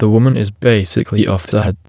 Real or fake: fake